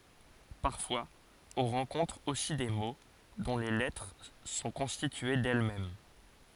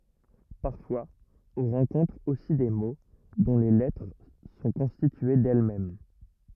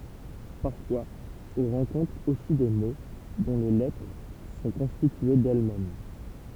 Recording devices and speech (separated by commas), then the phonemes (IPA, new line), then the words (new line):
forehead accelerometer, rigid in-ear microphone, temple vibration pickup, read sentence
paʁfwaz ɔ̃ ʁɑ̃kɔ̃tʁ osi de mo dɔ̃ le lɛtʁ sɔ̃ kɔ̃stitye dɛlmɛm
Parfois on rencontre aussi des mots dont les lettres sont constituées d'elles-mêmes.